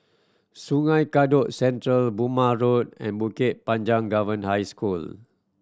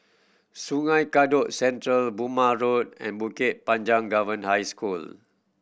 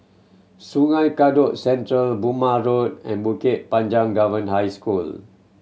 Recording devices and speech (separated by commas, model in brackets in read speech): standing microphone (AKG C214), boundary microphone (BM630), mobile phone (Samsung C7100), read sentence